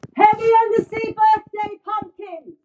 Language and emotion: English, disgusted